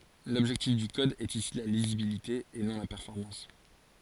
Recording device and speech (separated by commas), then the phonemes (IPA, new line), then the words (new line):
forehead accelerometer, read sentence
lɔbʒɛktif dy kɔd ɛt isi la lizibilite e nɔ̃ la pɛʁfɔʁmɑ̃s
L'objectif du code est ici la lisibilité et non la performance.